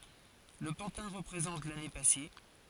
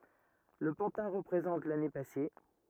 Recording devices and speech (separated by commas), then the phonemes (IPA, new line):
forehead accelerometer, rigid in-ear microphone, read sentence
lə pɑ̃tɛ̃ ʁəpʁezɑ̃t lane pase